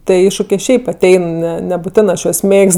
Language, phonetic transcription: Lithuanian, tie ˈiššukė ˈšiaip aˈtein ˈne nebuˈtenɜ aš juos ˈmėgst

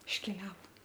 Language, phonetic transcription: Lithuanian, išˈkeliavo

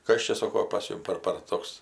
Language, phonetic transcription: Lithuanian, ˈkas čia ˈsoko pas ˈjum par par ˈtoks

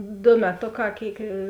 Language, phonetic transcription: Lithuanian, ˈdo meˈtoˌkā ˈkėik

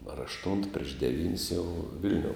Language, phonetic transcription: Lithuanian, ar ašˈtunt prieš deˈvyn's' jau ˈvil'niou

